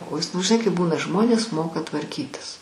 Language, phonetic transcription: Lithuanian, o ˈjis nu žiˈnai kaip ˈbūna ˈžmonės ˈmoka tvarˈkytis

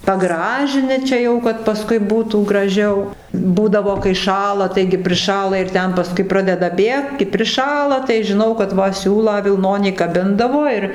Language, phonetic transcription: Lithuanian, paˈgražini ˈčia jau kad paˈskui ˈbūtų graˈžiau ˈbūdavo kai ˈšąla ˈtaigi priˈšąla ir ˈten paˈskui ˈpradeda ˈbėgt kai priˈšala tai žiˈnau kad ˈva ˈsiūlą vilˈnonį kaˈbindavo ir

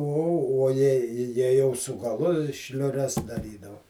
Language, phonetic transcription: Lithuanian, uo uo ˈjei jei jau su gaˈlu šliuˈres daˈrydau

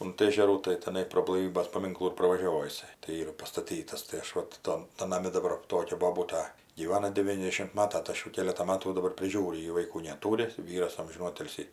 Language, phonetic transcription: Lithuanian, unt ˈėžerų tai teˈnai pro blaiˈvybės paˈminklų ir pravaˈžiovo jiˈsai tai ˈyra pastaˈtytas tai ˈaš ˈvat ˈtan tan naˈmi daˈbar ˈtokia boˈbūta gyˈvana deˈvyniasdešim ˈmata tai ˈaš ˈjų ˈkėletą ˈmatų jau daˈbar priˈžiūriu ˈji vaiˈkų neˈtūri ˈvyras ˈamžinų ˈotilsį

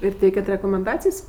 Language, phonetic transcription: Lithuanian, ir ˈteikiat rekomenˈdacijs'

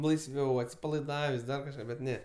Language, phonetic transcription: Lithuanian, laisˈviau atsipalaiˈdavės' ˈdar kažˈką bet ˈne

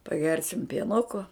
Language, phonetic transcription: Lithuanian, paˈgersim pieˈnuko

